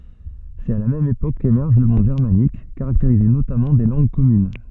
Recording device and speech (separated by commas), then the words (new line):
soft in-ear microphone, read sentence
C'est à la même époque qu'émerge le monde germanique, caractérisé notamment des langues communes.